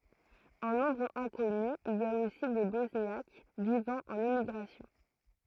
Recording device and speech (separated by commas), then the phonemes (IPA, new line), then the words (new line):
throat microphone, read sentence
ɑ̃ nɔ̃bʁ ɛ̃kɔny il i a osi de bɔsnjak vivɑ̃ ɑ̃n emiɡʁasjɔ̃
En nombre inconnu, il y a aussi des Bosniaques vivant en émigration.